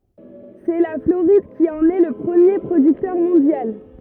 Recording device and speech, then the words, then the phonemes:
rigid in-ear microphone, read sentence
C'est la Floride qui en est le premier producteur mondial.
sɛ la floʁid ki ɑ̃n ɛ lə pʁəmje pʁodyktœʁ mɔ̃djal

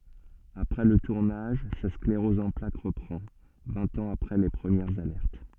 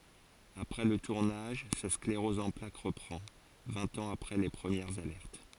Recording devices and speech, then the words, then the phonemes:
soft in-ear microphone, forehead accelerometer, read sentence
Après le tournage, sa sclérose en plaques reprend, vingt ans après les premières alertes.
apʁɛ lə tuʁnaʒ sa skleʁɔz ɑ̃ plak ʁəpʁɑ̃ vɛ̃t ɑ̃z apʁɛ le pʁəmjɛʁz alɛʁt

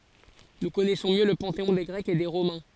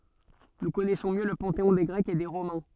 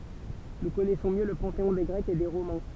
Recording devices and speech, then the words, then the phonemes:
forehead accelerometer, soft in-ear microphone, temple vibration pickup, read sentence
Nous connaissons mieux le panthéon des Grecs et des Romains.
nu kɔnɛsɔ̃ mjø lə pɑ̃teɔ̃ de ɡʁɛkz e de ʁomɛ̃

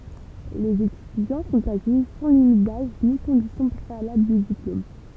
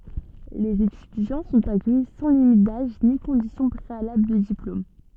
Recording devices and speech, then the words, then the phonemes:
temple vibration pickup, soft in-ear microphone, read sentence
Les étudiants sont accueillis sans limite d'âge ni condition préalable de diplôme.
lez etydjɑ̃ sɔ̃t akœji sɑ̃ limit daʒ ni kɔ̃disjɔ̃ pʁealabl də diplom

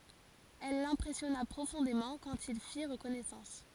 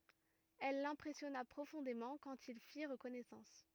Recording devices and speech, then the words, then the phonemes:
forehead accelerometer, rigid in-ear microphone, read sentence
Elle l’impressionna profondément quand ils firent connaissance.
ɛl lɛ̃pʁɛsjɔna pʁofɔ̃demɑ̃ kɑ̃t il fiʁ kɔnɛsɑ̃s

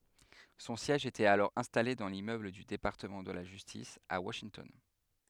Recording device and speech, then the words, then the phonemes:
headset microphone, read sentence
Son siège était alors installé dans l'immeuble du département de la Justice, à Washington.
sɔ̃ sjɛʒ etɛt alɔʁ ɛ̃stale dɑ̃ limmøbl dy depaʁtəmɑ̃ də la ʒystis a waʃintɔn

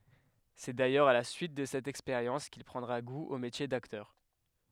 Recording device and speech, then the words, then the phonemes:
headset microphone, read sentence
C'est d'ailleurs à la suite de cette expérience qu'il prendra goût au métier d'acteur.
sɛ dajœʁz a la syit də sɛt ɛkspeʁjɑ̃s kil pʁɑ̃dʁa ɡu o metje daktœʁ

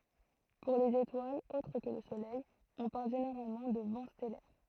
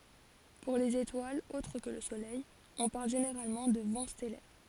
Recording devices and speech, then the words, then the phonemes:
throat microphone, forehead accelerometer, read sentence
Pour les étoiles autres que le Soleil, on parle généralement de vent stellaire.
puʁ lez etwalz otʁ kə lə solɛj ɔ̃ paʁl ʒeneʁalmɑ̃ də vɑ̃ stɛlɛʁ

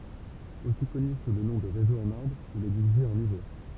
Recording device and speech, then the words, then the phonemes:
temple vibration pickup, read sentence
Aussi connu sous le nom de Réseau en arbre, il est divisé en niveaux.
osi kɔny su lə nɔ̃ də ʁezo ɑ̃n aʁbʁ il ɛ divize ɑ̃ nivo

